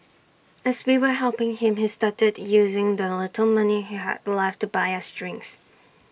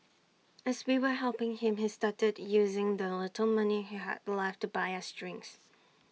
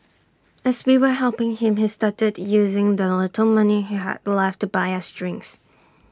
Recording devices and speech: boundary microphone (BM630), mobile phone (iPhone 6), standing microphone (AKG C214), read sentence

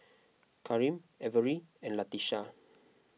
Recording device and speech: mobile phone (iPhone 6), read sentence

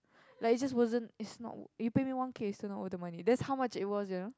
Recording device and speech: close-talking microphone, conversation in the same room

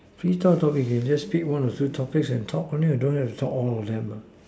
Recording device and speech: standing microphone, conversation in separate rooms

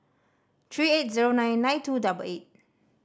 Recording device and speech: standing microphone (AKG C214), read sentence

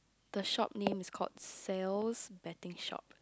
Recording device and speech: close-talking microphone, conversation in the same room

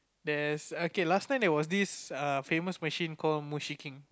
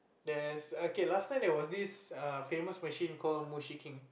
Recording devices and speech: close-talking microphone, boundary microphone, conversation in the same room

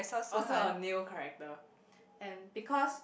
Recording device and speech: boundary microphone, conversation in the same room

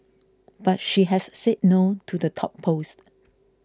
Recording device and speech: close-talking microphone (WH20), read sentence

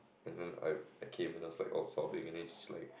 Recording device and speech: boundary microphone, conversation in the same room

